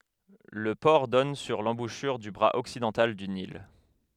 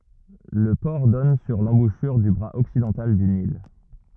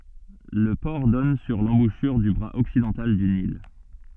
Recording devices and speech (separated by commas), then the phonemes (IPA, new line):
headset microphone, rigid in-ear microphone, soft in-ear microphone, read sentence
lə pɔʁ dɔn syʁ lɑ̃buʃyʁ dy bʁaz ɔksidɑ̃tal dy nil